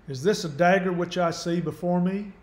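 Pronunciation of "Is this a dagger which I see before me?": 'Is this a dagger which I see before me?' is spoken in a Southern accent.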